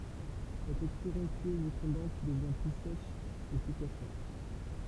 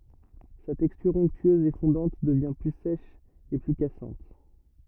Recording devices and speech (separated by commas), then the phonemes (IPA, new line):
temple vibration pickup, rigid in-ear microphone, read sentence
sa tɛkstyʁ ɔ̃ktyøz e fɔ̃dɑ̃t dəvjɛ̃ ply sɛʃ e ply kasɑ̃t